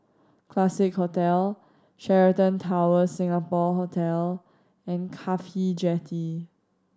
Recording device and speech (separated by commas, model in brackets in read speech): standing microphone (AKG C214), read sentence